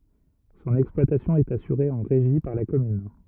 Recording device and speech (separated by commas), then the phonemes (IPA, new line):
rigid in-ear microphone, read sentence
sɔ̃n ɛksplwatasjɔ̃ ɛt asyʁe ɑ̃ ʁeʒi paʁ la kɔmyn